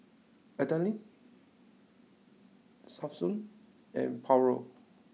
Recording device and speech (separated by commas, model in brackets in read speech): mobile phone (iPhone 6), read sentence